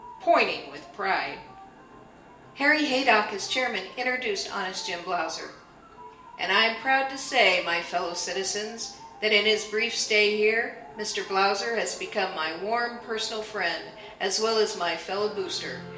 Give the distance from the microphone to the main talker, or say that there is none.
1.8 m.